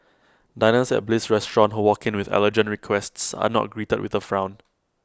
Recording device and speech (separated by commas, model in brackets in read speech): close-talking microphone (WH20), read sentence